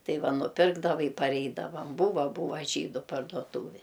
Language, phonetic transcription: Lithuanian, ˈtai ˈva nuˈpirkdava i parˈeidavam ˈbūva ˈbuva ˈžydu parduoˈtūvė

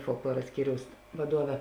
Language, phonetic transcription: Lithuanian, folkˈluora ˈskyriaus vaˈduove

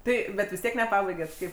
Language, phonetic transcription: Lithuanian, ˈtai bet vis ˈtiek neˈpabaiget ˈkaip

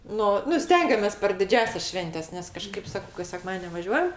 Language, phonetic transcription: Lithuanian, ˈnu nu ˈstengiamės per diˈdžiąsias ˈšventes nes kaˈžkaip ˈsakau kas seˈkmadien' nevaˈžiuojam

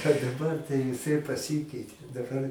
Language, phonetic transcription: Lithuanian, a daˈbar tai viˈsai paˈsikeitė daˈbar

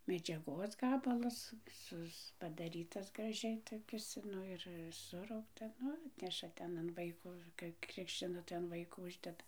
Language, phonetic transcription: Lithuanian, medžiaˈgos ˈgabalas ˈsus padaˈrytas graˈžiai toˈkis ˈnu ir ˈsuraukta ˈnu ˈatneša ˈten an ˈvaiko kai ˈkrikščina tai an ˈvaiko ˈuždeda

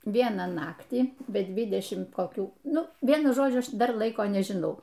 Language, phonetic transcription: Lithuanian, ˈvieną ˈnaktį be ˈdvidešim koˈkių ˈnu ˈvienu ˈžodžiu ˈaš ˈdar ˈlaiko nežiˈnau

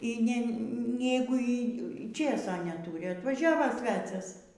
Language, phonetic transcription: Lithuanian, ˈy ne ˈnegu y ˈčėso neˈtūri atvaˈžiavo ˈsvecias

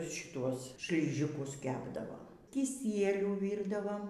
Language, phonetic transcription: Lithuanian, šiˈtuos šliˈžikus ˈkepdavo kiˈsielių ˈvyrdavom

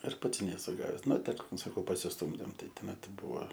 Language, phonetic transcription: Lithuanian, ir ˈpats neˈsu ˈgaves ˈnu ˈtik saˈkau pasisˈtūmdėm ˈtai toˈmet ˈbuo

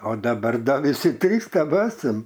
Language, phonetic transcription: Lithuanian, o daˈbar ˈda ˈvisi ˈtrys teˈbesam

